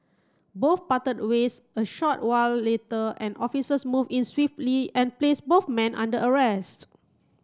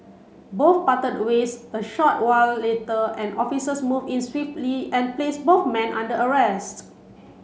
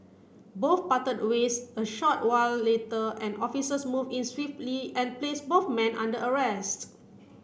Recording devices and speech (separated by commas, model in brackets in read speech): close-talking microphone (WH30), mobile phone (Samsung C7), boundary microphone (BM630), read sentence